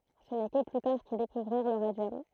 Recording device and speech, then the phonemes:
throat microphone, read sentence
sə nɛ kə ply taʁ kil dekuvʁiʁ lə ʁadjɔm

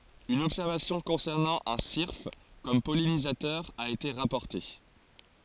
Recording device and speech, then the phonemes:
forehead accelerometer, read sentence
yn ɔbsɛʁvasjɔ̃ kɔ̃sɛʁnɑ̃ œ̃ siʁf kɔm pɔlinizatœʁ a ete ʁapɔʁte

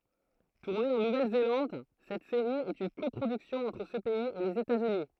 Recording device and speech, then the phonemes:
throat microphone, read sentence
tuʁne ɑ̃ nuvɛlzelɑ̃d sɛt seʁi ɛt yn kɔpʁodyksjɔ̃ ɑ̃tʁ sə pɛiz e lez etatsyni

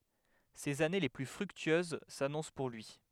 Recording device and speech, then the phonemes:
headset microphone, read sentence
sez ane le ply fʁyktyøz sanɔ̃s puʁ lyi

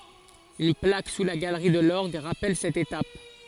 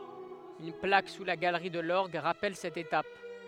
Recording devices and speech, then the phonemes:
forehead accelerometer, headset microphone, read sentence
yn plak su la ɡalʁi də lɔʁɡ ʁapɛl sɛt etap

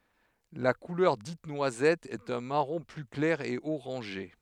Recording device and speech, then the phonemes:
headset microphone, read sentence
la kulœʁ dit nwazɛt ɛt œ̃ maʁɔ̃ ply klɛʁ e oʁɑ̃ʒe

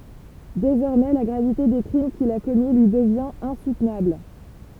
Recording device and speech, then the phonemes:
temple vibration pickup, read sentence
dezɔʁmɛ la ɡʁavite de kʁim kil a kɔmi lyi dəvjɛ̃t ɛ̃sutnabl

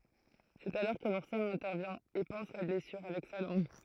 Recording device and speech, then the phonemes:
throat microphone, read sentence
sɛt alɔʁ kə luʁsɔ̃ ɛ̃tɛʁvjɛ̃ e pɑ̃s la blɛsyʁ avɛk sa lɑ̃ɡ

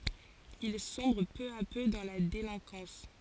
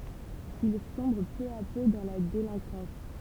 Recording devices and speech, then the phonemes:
forehead accelerometer, temple vibration pickup, read sentence
il sɔ̃bʁ pø a pø dɑ̃ la delɛ̃kɑ̃s

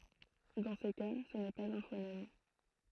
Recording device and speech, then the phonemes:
throat microphone, read sentence
dɑ̃ se ka sə nɛ paz œ̃ fonɛm

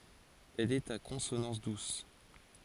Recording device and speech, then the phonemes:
forehead accelerometer, read sentence
ɛl ɛt a kɔ̃sonɑ̃s dus

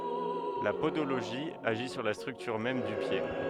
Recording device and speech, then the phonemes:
headset microphone, read sentence
la podoloʒi aʒi syʁ la stʁyktyʁ mɛm dy pje

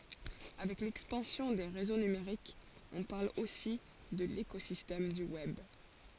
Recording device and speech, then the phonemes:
forehead accelerometer, read sentence
avɛk lɛkspɑ̃sjɔ̃ de ʁezo nymeʁikz ɔ̃ paʁl osi də lekozistɛm dy wɛb

